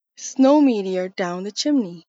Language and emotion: English, sad